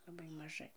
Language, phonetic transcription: Lithuanian, laˈbai maˈžai

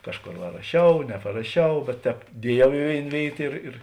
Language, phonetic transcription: Lithuanian, ˈkažˌkor va raˈšiau neparaˈšiau bet ˈtēp ˈdieˌjau i ˈvėin ˈvėit ir ir

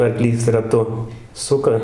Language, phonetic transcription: Lithuanian, arˈklys raˈtu ˈsuka

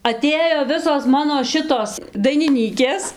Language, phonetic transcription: Lithuanian, aˈtėjo ˈvisos ˈmano ˈšitos dainiˈnykės

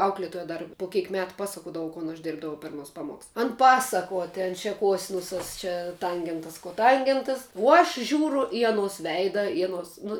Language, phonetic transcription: Lithuanian, ˈauklėtoja ˈdar po ˈkeik ˈmetu ˈpasakodavu kon aš ˈdėrbdavau per aˈnuos ˈpamuoks ˈan ˈpasakuo ten čia ˈkosinusas ˈčia ˈtangentas koˈtangentas o aš ˈžiūru i aˈnos ˈveida i aˈnos nu

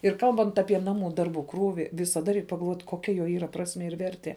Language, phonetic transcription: Lithuanian, ir ˈkalbant ˈapie ˈnaˌmų ˈdarˌbų ˈkrūvi visaˈda reik pagalˈvot koˈkia jo yˈra ˈprasmie ir ˈvertie

